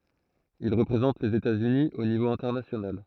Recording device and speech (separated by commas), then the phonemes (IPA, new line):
throat microphone, read sentence
il ʁəpʁezɑ̃t lez etatsyni o nivo ɛ̃tɛʁnasjonal